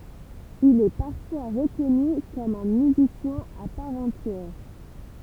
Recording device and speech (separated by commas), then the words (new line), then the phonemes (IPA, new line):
temple vibration pickup, read sentence
Il est parfois reconnu comme un musicien à part entière.
il ɛ paʁfwa ʁəkɔny kɔm œ̃ myzisjɛ̃ a paʁ ɑ̃tjɛʁ